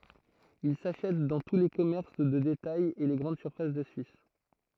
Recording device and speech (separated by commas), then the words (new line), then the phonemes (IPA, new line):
throat microphone, read sentence
Il s'achète dans tous les commerces de détails et les grandes surfaces de Suisse.
il saʃɛt dɑ̃ tu le kɔmɛʁs də detajz e le ɡʁɑ̃d syʁfas də syis